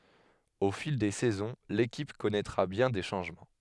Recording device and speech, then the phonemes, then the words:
headset microphone, read sentence
o fil de sɛzɔ̃ lekip kɔnɛtʁa bjɛ̃ de ʃɑ̃ʒmɑ̃
Au fil des saisons, l'équipe connaîtra bien des changements.

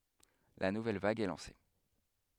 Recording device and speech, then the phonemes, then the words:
headset microphone, read sentence
la nuvɛl vaɡ ɛ lɑ̃se
La nouvelle vague est lancée.

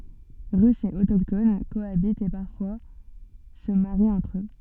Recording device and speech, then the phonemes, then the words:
soft in-ear microphone, read sentence
ʁysz e otokton koabitt e paʁfwa sə maʁit ɑ̃tʁ ø
Russes et autochtones cohabitent et parfois se marient entre eux.

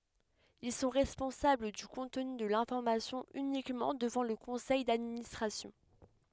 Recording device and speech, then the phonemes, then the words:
headset microphone, read sentence
il sɔ̃ ʁɛspɔ̃sabl dy kɔ̃tny də lɛ̃fɔʁmasjɔ̃ ynikmɑ̃ dəvɑ̃ lə kɔ̃sɛj dadministʁasjɔ̃
Ils sont responsables du contenu de l'information uniquement devant le conseil d'administration.

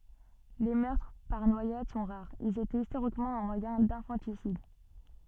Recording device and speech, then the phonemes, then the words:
soft in-ear microphone, read sentence
le mœʁtʁ paʁ nwajad sɔ̃ ʁaʁz ilz etɛt istoʁikmɑ̃ œ̃ mwajɛ̃ dɛ̃fɑ̃tisid
Les meurtres par noyade sont rares, ils étaient historiquement un moyen d'infanticide.

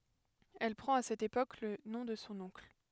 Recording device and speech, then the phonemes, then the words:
headset microphone, read sentence
ɛl pʁɑ̃t a sɛt epok lə nɔ̃ də sɔ̃ ɔ̃kl
Elle prend à cette époque le nom de son oncle.

